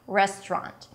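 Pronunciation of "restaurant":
'Restaurant' is said with two syllables, not three.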